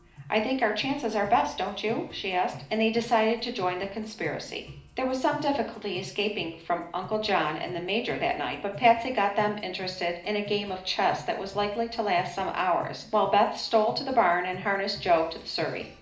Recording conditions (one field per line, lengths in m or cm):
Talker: one person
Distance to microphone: 2.0 m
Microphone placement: close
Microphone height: 99 cm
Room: medium-sized (5.7 m by 4.0 m)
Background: music